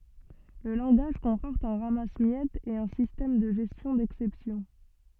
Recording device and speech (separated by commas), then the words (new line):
soft in-ear microphone, read sentence
Le langage comporte un ramasse-miettes et un système de gestion d'exceptions.